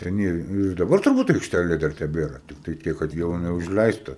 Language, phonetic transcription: Lithuanian, ten ˈjie ir daˈbar turˈbūt aikšˈtælė dar teˈbėra ˈtiktai ˈtiek kad ˈjau aˈna užˈleista

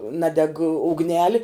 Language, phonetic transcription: Lithuanian, ˈnadeg ugˈneli

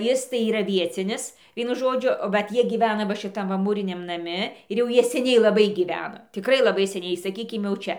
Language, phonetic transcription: Lithuanian, ˈjis tai yˈra ˈviecinis ˈvienu ˈžodžiu ˈvat ˈjie gyˈvena va šiˈtam va ˈmūriniam naˈmi ir jau ˈjie seˈniai laˈbai gyˈvena tikˈrai laˈbai seˈniai saˈkykim jau ˈčia

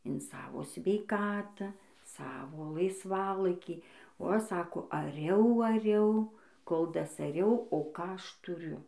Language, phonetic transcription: Lithuanian, in ˈsavo sveiˈkatą ˈsavo laisˈvalaikį o ˈaš ˈsako aˈriau aˈriau kol dasaˈriau o ˈką ˈaš tuˈriu

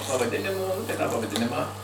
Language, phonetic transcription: Lithuanian, pavaˈdinimo nu tai tą pavaˈdinimą

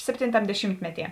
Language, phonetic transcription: Lithuanian, ˈseptintam deˈšymtmeˌtie

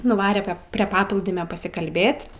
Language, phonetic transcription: Lithuanian, nuˈvare ˈpep prie ˈpaplūdimio pasikalˈbėt'

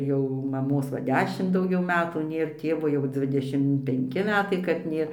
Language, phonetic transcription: Lithuanian, ˈjau maˈmos ˈva ˈdešimt dauˈgiau ˈmetų ˈnėr ˈtėvo jau ˈdzvidešim penˈki ˈmetai kad ˈnėr

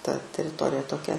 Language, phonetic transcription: Lithuanian, ta teriˈtorija toˈkia

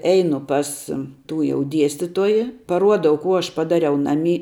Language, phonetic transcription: Lithuanian, ˈeinu ˈpas ˈtų jau ˈdiestituoji paˈruodau ˈkų ˈaš paˈdariau ˈnaˌmy

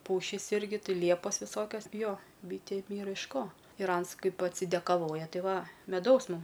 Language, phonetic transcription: Lithuanian, ˈpušys ˈirgi ˈti ˈliepos viˈsokias ˈjo ˈbytėm ˈyra iš ˈko ir ˈans ˈkaip atsidekaˈvoja ˈti ˈva meˈdaus ˈmum

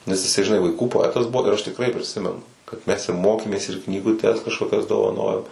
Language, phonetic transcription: Lithuanian, nes jiˈsai žiˈnai vaiˈkų poˈetas ˈbuo ir ˈaš tikˈrai priˈsimenu kad ˈmes i ˈmokėmės ir knyguˈtes kažkoˈkias dovaˈnojom

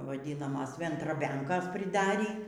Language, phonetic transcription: Lithuanian, vaˈdynamas vendraˈbenkos priˈdarį

